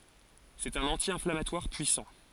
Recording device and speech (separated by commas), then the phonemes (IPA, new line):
forehead accelerometer, read sentence
sɛt œ̃n ɑ̃tjɛ̃flamatwaʁ pyisɑ̃